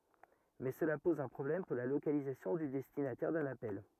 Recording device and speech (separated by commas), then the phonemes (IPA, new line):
rigid in-ear microphone, read sentence
mɛ səla pɔz œ̃ pʁɔblɛm puʁ la lokalizasjɔ̃ dy dɛstinatɛʁ dœ̃n apɛl